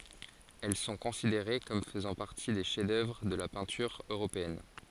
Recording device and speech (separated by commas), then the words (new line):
forehead accelerometer, read sentence
Elles sont considérées comme faisant partie des chefs-d’œuvre de la peinture européenne.